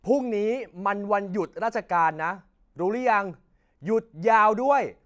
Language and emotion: Thai, angry